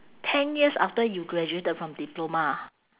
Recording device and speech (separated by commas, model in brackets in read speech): telephone, conversation in separate rooms